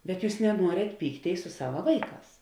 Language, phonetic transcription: Lithuanian, bet ˈjūs neˈnuorėt ˈpykˌtėis su ˈsava ˈvaiˌkās

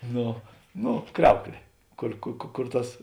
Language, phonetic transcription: Lithuanian, ˈno ˈno ˈkriauklė ˈkur ku ku kur ˈtas

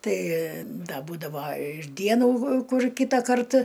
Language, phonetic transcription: Lithuanian, ˈtai ˈda ˈbūdava ir ˈdienų ˈkur ˈkytakart

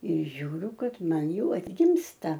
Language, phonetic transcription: Lithuanian, ir ˈžiūriu ˈkad ˈman ˈjau atˈgimsta

